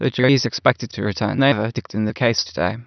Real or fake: fake